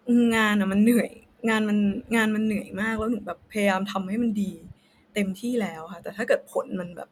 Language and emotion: Thai, sad